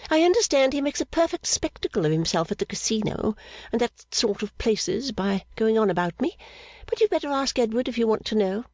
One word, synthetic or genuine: genuine